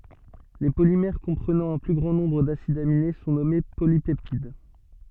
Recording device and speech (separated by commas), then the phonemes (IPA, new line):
soft in-ear microphone, read sentence
le polimɛʁ kɔ̃pʁənɑ̃ œ̃ ply ɡʁɑ̃ nɔ̃bʁ dasidz amine sɔ̃ nɔme polipɛptid